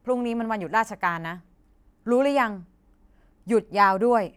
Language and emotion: Thai, frustrated